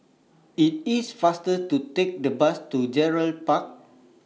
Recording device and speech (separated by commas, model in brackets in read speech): mobile phone (iPhone 6), read sentence